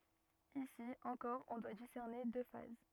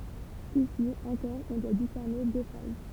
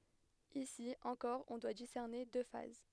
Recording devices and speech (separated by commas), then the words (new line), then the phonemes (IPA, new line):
rigid in-ear microphone, temple vibration pickup, headset microphone, read sentence
Ici, encore on doit discerner deux phases.
isi ɑ̃kɔʁ ɔ̃ dwa disɛʁne dø faz